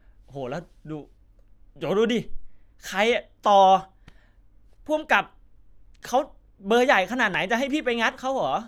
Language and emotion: Thai, frustrated